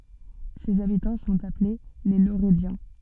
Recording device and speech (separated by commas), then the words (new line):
soft in-ear microphone, read sentence
Ses habitants sont appelés les Lauredians.